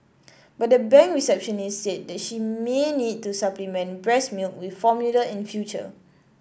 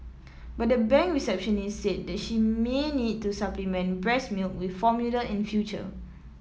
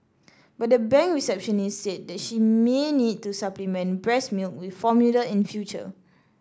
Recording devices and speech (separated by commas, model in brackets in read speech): boundary microphone (BM630), mobile phone (iPhone 7), standing microphone (AKG C214), read sentence